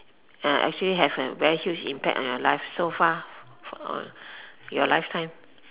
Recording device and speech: telephone, conversation in separate rooms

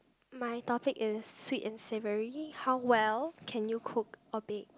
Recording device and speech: close-talking microphone, conversation in the same room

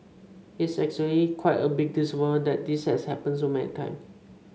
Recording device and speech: mobile phone (Samsung C5), read sentence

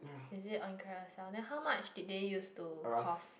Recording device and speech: boundary microphone, conversation in the same room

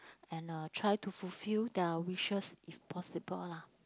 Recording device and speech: close-talking microphone, conversation in the same room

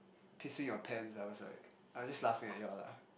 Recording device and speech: boundary microphone, conversation in the same room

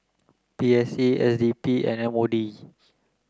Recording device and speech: close-talking microphone (WH30), read sentence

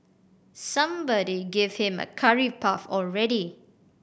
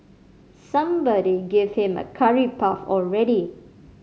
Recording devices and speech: boundary microphone (BM630), mobile phone (Samsung C5010), read sentence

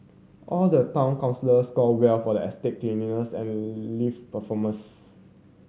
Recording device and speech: mobile phone (Samsung C7100), read sentence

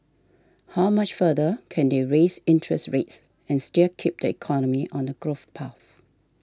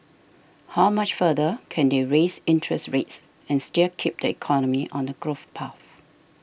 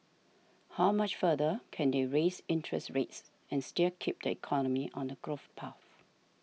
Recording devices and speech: standing microphone (AKG C214), boundary microphone (BM630), mobile phone (iPhone 6), read sentence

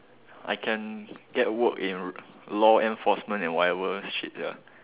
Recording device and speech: telephone, conversation in separate rooms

